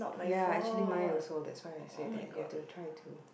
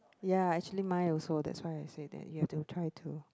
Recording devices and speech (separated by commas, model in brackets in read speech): boundary microphone, close-talking microphone, conversation in the same room